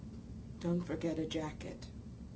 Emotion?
neutral